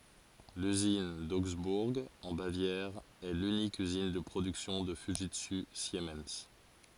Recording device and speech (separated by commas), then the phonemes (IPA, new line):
forehead accelerometer, read sentence
lyzin doɡzbuʁ ɑ̃ bavjɛʁ ɛ lynik yzin də pʁodyksjɔ̃ də fyʒitsy simɛn